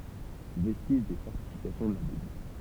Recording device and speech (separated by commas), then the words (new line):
temple vibration pickup, read sentence
Vestige des fortifications de la ville.